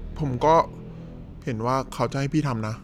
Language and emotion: Thai, frustrated